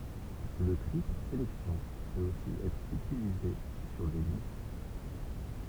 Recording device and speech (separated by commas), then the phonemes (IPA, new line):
temple vibration pickup, read sentence
lə tʁi paʁ selɛksjɔ̃ pøt osi ɛtʁ ytilize syʁ de list